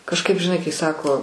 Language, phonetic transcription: Lithuanian, kažˈkaip žiˈnai kai ˈsako

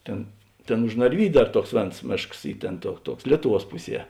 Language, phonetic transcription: Lithuanian, ˈtėn ˈtėn už narˈvydiu ˈdar ˈtuoks ˈvėns ˈmėšks ˈy ˈtėn tuo ˈtuoks ˈlietuˌvuos ˈpuˌsie

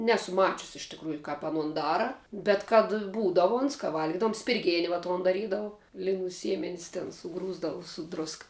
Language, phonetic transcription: Lithuanian, ˈnesu ˈmačiusi iš tikˈrųju kap aˈnun ˈdara bet kad ˈbūdavu ons ka ˈvalgidavum spirˈgėni va ˈton daˈrydavu liˈnų ˈsiemenis ten suˈgrūsdavu su ˈdruska

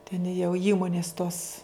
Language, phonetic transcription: Lithuanian, ten jau ˈįmonis tos

